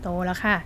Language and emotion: Thai, frustrated